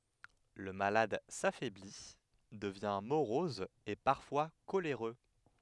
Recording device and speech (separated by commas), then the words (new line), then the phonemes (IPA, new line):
headset microphone, read sentence
Le malade s'affaiblit, devient morose et parfois coléreux.
lə malad safɛbli dəvjɛ̃ moʁɔz e paʁfwa koleʁø